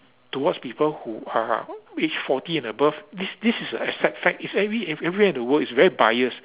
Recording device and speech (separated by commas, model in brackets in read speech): telephone, conversation in separate rooms